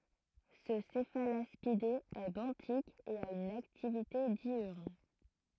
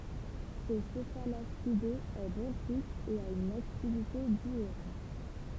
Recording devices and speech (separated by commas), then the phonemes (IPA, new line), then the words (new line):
throat microphone, temple vibration pickup, read sentence
sə sɛfalaspide ɛ bɑ̃tik e a yn aktivite djyʁn
Ce Cephalaspidé est benthique et a une activité diurne.